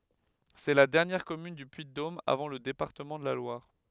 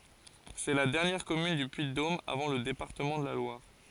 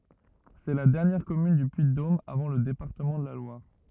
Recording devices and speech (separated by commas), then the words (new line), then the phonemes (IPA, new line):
headset microphone, forehead accelerometer, rigid in-ear microphone, read sentence
C'est la dernière commune du Puy-de-Dôme avant le département de la Loire.
sɛ la dɛʁnjɛʁ kɔmyn dy pyiddom avɑ̃ lə depaʁtəmɑ̃ də la lwaʁ